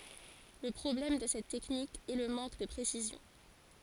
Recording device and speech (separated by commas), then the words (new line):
forehead accelerometer, read sentence
Le problème de cette technique est le manque de précision.